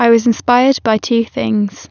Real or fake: real